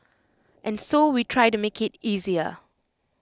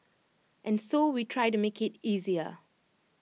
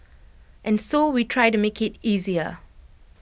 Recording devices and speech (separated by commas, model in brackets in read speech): close-talking microphone (WH20), mobile phone (iPhone 6), boundary microphone (BM630), read sentence